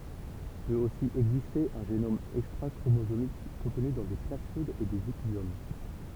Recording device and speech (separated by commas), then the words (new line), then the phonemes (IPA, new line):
temple vibration pickup, read sentence
Peut aussi exister un génome extrachromosomique, contenu dans des plasmides et des épisomes.
pøt osi ɛɡziste œ̃ ʒenom ɛkstʁakʁomozomik kɔ̃tny dɑ̃ de plasmidz e dez epizom